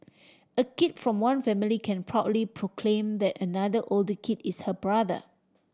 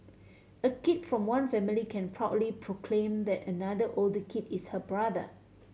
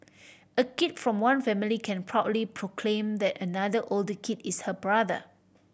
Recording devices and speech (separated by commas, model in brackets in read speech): standing microphone (AKG C214), mobile phone (Samsung C7100), boundary microphone (BM630), read sentence